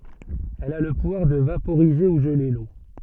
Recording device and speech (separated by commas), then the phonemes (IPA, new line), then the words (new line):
soft in-ear microphone, read sentence
ɛl a lə puvwaʁ də vapoʁize u ʒəle lo
Elle a le pouvoir de vaporiser ou geler l'eau.